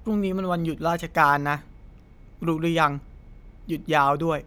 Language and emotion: Thai, neutral